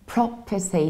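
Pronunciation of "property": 'Property' is said with a British accent, with the stress on the first syllable, 'pro'. The second syllable is not said as 'per' with a long er sound.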